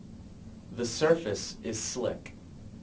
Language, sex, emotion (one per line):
English
male
neutral